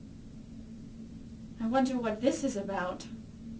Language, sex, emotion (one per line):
English
female
fearful